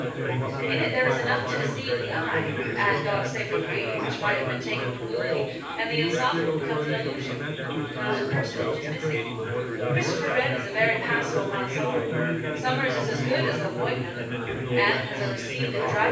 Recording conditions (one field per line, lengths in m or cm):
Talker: one person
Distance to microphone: 9.8 m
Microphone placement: far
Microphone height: 1.8 m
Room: large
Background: babble